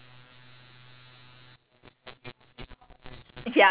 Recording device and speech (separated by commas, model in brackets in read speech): telephone, conversation in separate rooms